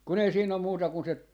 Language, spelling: Finnish, kun ei siinä ole muuta kuin se
- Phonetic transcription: 'kun ‿ei 'siin ‿om 'muuta kun 'se , .

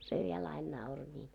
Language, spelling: Finnish, se vielä aina nauroi niin
- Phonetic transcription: se viel ain 'nauro ńiin .

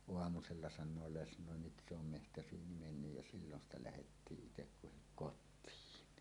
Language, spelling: Finnish, aamulla sanoo lesnoi nyt se on metsäsyyniin mennyt ja silloin sitä lähdettiin itse kukin kotiin
- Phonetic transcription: oamusella 'san̆noo 'lesnòe » "nyt se ‿om mehtäsyyni 'mennyj « ja 'sillon ‿sta 'lähettiiˀ ˀitekkuhik "kot̆tiin .

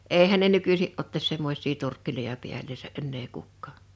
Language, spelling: Finnish, eihän ne nykyisin ottaisi semmoisia turkkeja päälleen enää kukaan
- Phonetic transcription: '’eihän ne 'nykysi’ ’ottas 'semmoś̀ii 'turkkiloja 'piälleesä '’ennee 'kukkaa .

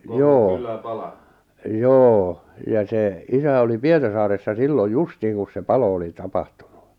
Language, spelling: Finnish, joo joo ja se isä oli Pietarsaaressa silloin justiin kun se palo oli tapahtunut
- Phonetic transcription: 'joo , 'joo , ja sè , 'isä oli 'Pietarsaaressa 'silloj "justiin kus se "palo oli "tapahtᴜɴᴜ .

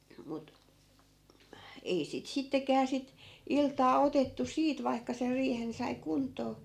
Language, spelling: Finnish, mutta ei sitä sittenkään sitä iltaa otettu siitä vaikka sen riihen sai kuntoon
- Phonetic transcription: mut , 'ei sit 'sittekää sit , 'iltaa 'otettu "siit vai̮kka ser 'riihen sai 'kunt̆too .

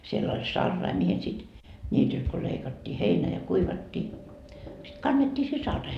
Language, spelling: Finnish, siellä oli sarai mihin sitten niityltä kun leikattiin heinä ja kuivattiin sitten kannettiin se saraisiin
- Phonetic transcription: siell ‿oĺ "sarrai mihin sit , ńiitylt ko 'leikattii "heinä ja "kuivattii , sit 'kannettii se 'sarraihe .

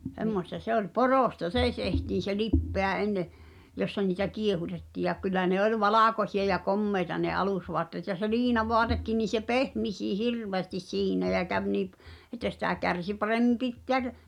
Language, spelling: Finnish, semmoista se oli poroista se tehtiin se lipeä ennen jossa niitä kiehutettiin ja kyllä ne oli valkoisia ja komeita ne alusvaatteet ja se liinavaatekin niin se pehmisikin hirveästi siinä ja kävi niin - että sitä kärsi paremmin pitää -
- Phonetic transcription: 'h̳emmosta se ‿oĺ "poròsta "sè tehtiin̬ se "lippeä ’enne , 'jossa niitä "kiehutetti̳ ja kyl̆lä ne ol "valàkosi₍a ja "kommeita ne 'alùsvoatteet ja se 'liinavoatekkin ni se "pehmisii "hirveästis "siinä jä käv nii p- , et̆tä sitä̀ 'kärsi 'paremmim pitteä ʿʳˉʾ ,.

